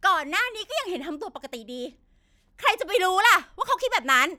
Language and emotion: Thai, angry